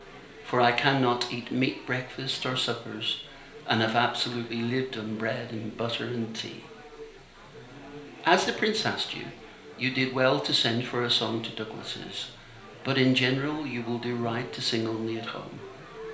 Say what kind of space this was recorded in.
A small space (about 3.7 m by 2.7 m).